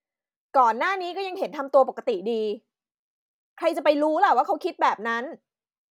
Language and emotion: Thai, angry